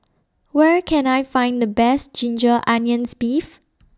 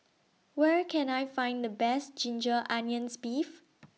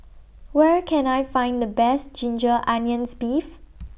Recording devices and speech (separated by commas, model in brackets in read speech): standing microphone (AKG C214), mobile phone (iPhone 6), boundary microphone (BM630), read sentence